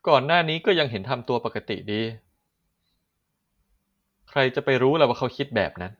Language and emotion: Thai, frustrated